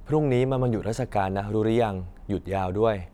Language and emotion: Thai, neutral